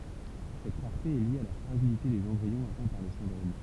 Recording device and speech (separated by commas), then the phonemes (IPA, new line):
temple vibration pickup, read sentence
sɛt ʁaʁte ɛ lje a la fʁaʒilite dez ɑ̃bʁiɔ̃z atɛ̃ paʁ lə sɛ̃dʁom